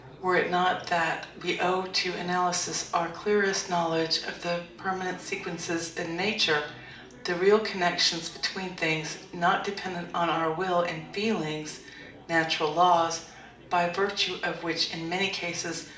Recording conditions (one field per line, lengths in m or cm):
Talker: one person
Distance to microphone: 2.0 m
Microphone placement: close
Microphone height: 99 cm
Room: medium-sized (5.7 m by 4.0 m)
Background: babble